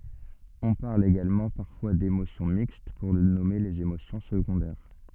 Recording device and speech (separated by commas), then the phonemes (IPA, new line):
soft in-ear microphone, read sentence
ɔ̃ paʁl eɡalmɑ̃ paʁfwa demosjɔ̃ mikst puʁ nɔme lez emosjɔ̃ səɡɔ̃dɛʁ